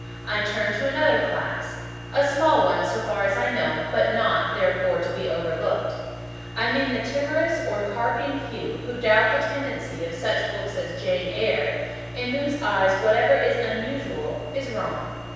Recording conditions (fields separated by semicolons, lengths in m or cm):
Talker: one person; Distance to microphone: 7.1 m; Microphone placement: far; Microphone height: 1.7 m; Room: very reverberant, large; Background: none